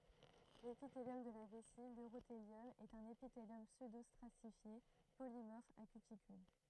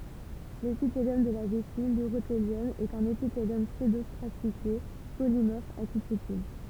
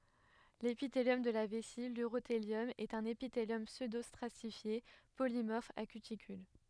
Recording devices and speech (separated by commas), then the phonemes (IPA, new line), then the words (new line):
throat microphone, temple vibration pickup, headset microphone, read sentence
lepiteljɔm də la vɛsi lyʁoteljɔm ɛt œ̃n epiteljɔm psødostʁatifje polimɔʁf a kytikyl
L'épithélium de la vessie, l'urothélium, est un épithélium pseudostratifié polymorphe à cuticule.